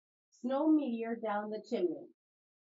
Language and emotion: English, neutral